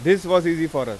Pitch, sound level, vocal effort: 170 Hz, 96 dB SPL, loud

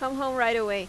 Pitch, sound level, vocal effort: 235 Hz, 91 dB SPL, loud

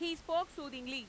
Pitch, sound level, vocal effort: 320 Hz, 99 dB SPL, very loud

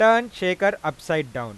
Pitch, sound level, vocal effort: 175 Hz, 99 dB SPL, loud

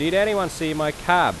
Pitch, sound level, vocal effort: 175 Hz, 94 dB SPL, very loud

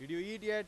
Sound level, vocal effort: 101 dB SPL, very loud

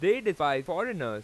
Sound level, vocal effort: 97 dB SPL, very loud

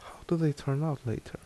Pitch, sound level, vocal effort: 145 Hz, 73 dB SPL, soft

